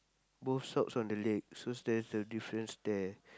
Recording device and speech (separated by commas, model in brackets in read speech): close-talking microphone, conversation in the same room